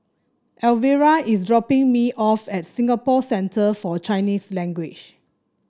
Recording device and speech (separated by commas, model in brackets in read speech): standing microphone (AKG C214), read sentence